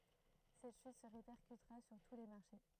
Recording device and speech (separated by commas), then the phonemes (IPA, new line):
throat microphone, read sentence
sɛt ʃyt sə ʁepɛʁkytʁa syʁ tu le maʁʃe